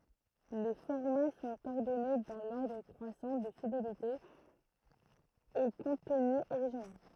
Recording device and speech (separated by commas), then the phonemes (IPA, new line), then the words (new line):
throat microphone, read sentence
le fɔʁma sɔ̃t ɔʁdɔne dɑ̃ lɔʁdʁ kʁwasɑ̃ də fidelite o kɔ̃tny oʁiʒinal
Les formats sont ordonnés dans l'ordre croissant de fidélité au contenu original.